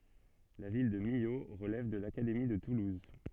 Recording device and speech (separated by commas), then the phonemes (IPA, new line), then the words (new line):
soft in-ear microphone, read sentence
la vil də milo ʁəlɛv də lakademi də tuluz
La ville de Millau relève de l'Académie de Toulouse.